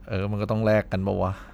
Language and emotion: Thai, frustrated